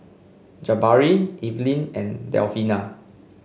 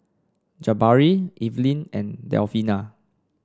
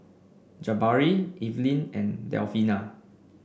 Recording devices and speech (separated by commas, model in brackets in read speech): mobile phone (Samsung C5), standing microphone (AKG C214), boundary microphone (BM630), read sentence